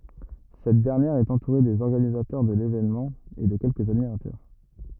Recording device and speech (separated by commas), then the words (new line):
rigid in-ear microphone, read sentence
Cette dernière est entourée des organisateurs de l'événement et de quelques admirateurs.